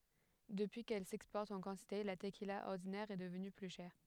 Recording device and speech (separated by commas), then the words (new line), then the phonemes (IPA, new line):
headset microphone, read sentence
Depuis qu'elle s'exporte en quantité, la tequila ordinaire est devenue plus chère.
dəpyi kɛl sɛkspɔʁt ɑ̃ kɑ̃tite la təkila ɔʁdinɛʁ ɛ dəvny ply ʃɛʁ